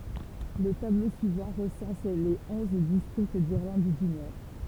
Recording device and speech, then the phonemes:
temple vibration pickup, read sentence
lə tablo syivɑ̃ ʁəsɑ̃s le ɔ̃z distʁikt diʁlɑ̃d dy nɔʁ

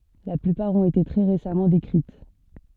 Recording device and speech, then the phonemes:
soft in-ear microphone, read sentence
la plypaʁ ɔ̃t ete tʁɛ ʁesamɑ̃ dekʁit

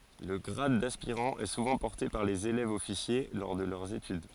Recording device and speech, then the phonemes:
forehead accelerometer, read sentence
lə ɡʁad daspiʁɑ̃ ɛ suvɑ̃ pɔʁte paʁ lez elɛvzɔfisje lɔʁ də lœʁz etyd

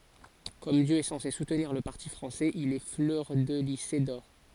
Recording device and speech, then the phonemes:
forehead accelerometer, read sentence
kɔm djø ɛ sɑ̃se sutniʁ lə paʁti fʁɑ̃sɛz il ɛ flœʁdəlize dɔʁ

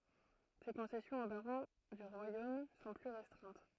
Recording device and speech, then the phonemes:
throat microphone, read sentence
se kɔ̃sɛsjɔ̃z o baʁɔ̃ dy ʁwajom sɔ̃ ply ʁɛstʁɛ̃t

